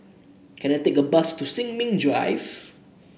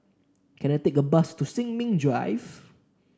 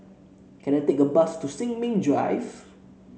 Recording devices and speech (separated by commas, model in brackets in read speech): boundary microphone (BM630), standing microphone (AKG C214), mobile phone (Samsung C7), read sentence